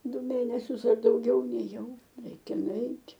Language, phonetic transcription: Lithuanian, ˈdu ˈmėnesius ar dauˈgiau nėˈjau ˈreikia nuˈeit'

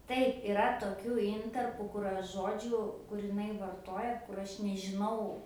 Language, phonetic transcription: Lithuanian, ˈtaip iˈra toˈkių ˈintarpų kur ˈaš ˈžodžių kur iˈnai varˈtoja kur ˈaš nežiˈnau

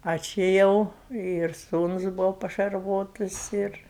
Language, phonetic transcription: Lithuanian, ˈa či ˈjau ir ˈsūnus ˈbūvo pašarˈvotus ir

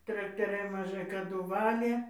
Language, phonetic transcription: Lithuanian, traktaˈriai maˈžai kaˈdu ˈvalė

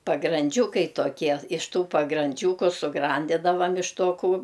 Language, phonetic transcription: Lithuanian, pagranˈdžiūkai toˈkie iš ˈtų pagranˈdžiūku suˈgrandidavam iš to kū

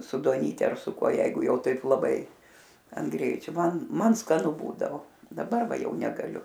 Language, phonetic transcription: Lithuanian, su duoˈnyte ar su ˈkuo ˈjeigu ˈjau ˈtaip laˈbai an ˈgreičio ˈman ˈman skaˈnu ˈbūdavo daˈbar ˈva ˈjau negaˈliu

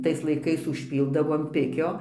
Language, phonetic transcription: Lithuanian, ˈtais laiˈkais užˈpyldavo an ˈpikio

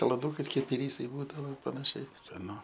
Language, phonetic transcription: Lithuanian, kalaˈdūkais ˈkaip iˈrysai ˈbūdavo panaˈšiai skaˈnu

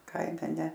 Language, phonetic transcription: Lithuanian, ˈkaime ne

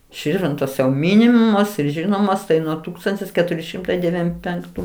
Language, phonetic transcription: Lithuanian, ˈširvintos jau ˈminimos ir ˈžinomos tai ˈnuo ˈtūkstantis keˈturi ˈšimtai deˈvym penkˈtų

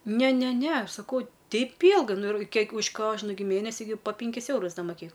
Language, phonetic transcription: Lithuanian, ˈne ˈne ˈne ˈaš saˈkau ˈteip ˈylgai nu ir ˈkiek už ˈkožnu gi ˈmėnesi gi po ˈpinkis ˈeurus ˈda moˈkėk

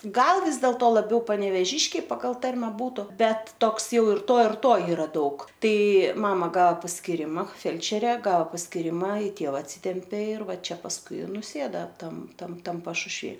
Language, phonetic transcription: Lithuanian, ˈgal ˈvis dėlto laˈbiau panevėˈžiškiai ˈpagal ˈtarme ˈbūtu ˈbet ˈtoks ˈjau ir ˈto ir ˈto ˈyra ˈdaug ˈtai ˈmama ˈgao paskiˈrima ˈfelčere ˈgao paskiˈrima i ˈtėva atˈsytempė ir ˈva ˈčia pasˈkui i nuˈsėda ˈtam ˈtam ˈtam pašušˈvy

